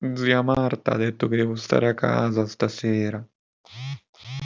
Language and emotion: Italian, sad